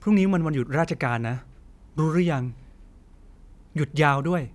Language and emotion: Thai, frustrated